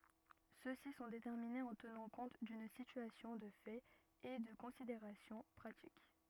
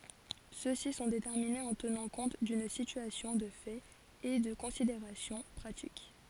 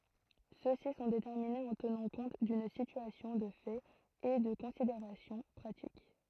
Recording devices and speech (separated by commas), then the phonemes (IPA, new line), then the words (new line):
rigid in-ear microphone, forehead accelerometer, throat microphone, read sentence
sø si sɔ̃ detɛʁminez ɑ̃ tənɑ̃ kɔ̃t dyn sityasjɔ̃ də fɛt e də kɔ̃sideʁasjɔ̃ pʁatik
Ceux-ci sont déterminés en tenant compte d'une situation de fait et de considérations pratiques.